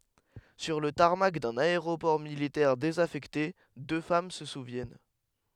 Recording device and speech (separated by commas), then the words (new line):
headset microphone, read sentence
Sur le tarmac d'un aéroport militaire désaffecté, deux femmes se souviennent.